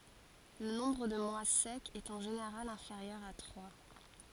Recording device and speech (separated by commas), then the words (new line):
forehead accelerometer, read sentence
Le nombre de mois secs est en général inférieur à trois.